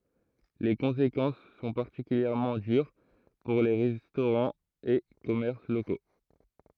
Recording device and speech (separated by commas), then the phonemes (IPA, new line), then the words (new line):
throat microphone, read sentence
le kɔ̃sekɑ̃s sɔ̃ paʁtikyljɛʁmɑ̃ dyʁ puʁ le ʁɛstoʁɑ̃z e kɔmɛʁs loko
Les conséquences sont particulièrement dures pour les restaurants et commerces locaux.